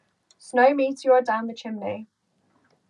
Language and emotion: English, neutral